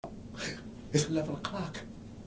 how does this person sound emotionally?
fearful